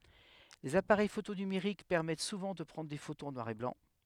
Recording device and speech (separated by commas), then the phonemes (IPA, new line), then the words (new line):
headset microphone, read sentence
lez apaʁɛj foto nymeʁik pɛʁmɛt suvɑ̃ də pʁɑ̃dʁ de fotoz ɑ̃ nwaʁ e blɑ̃
Les appareils photo numériques permettent souvent de prendre des photos en noir et blanc.